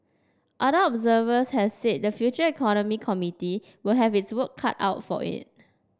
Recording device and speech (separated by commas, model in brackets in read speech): standing microphone (AKG C214), read sentence